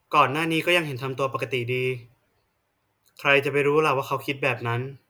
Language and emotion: Thai, neutral